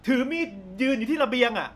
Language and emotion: Thai, frustrated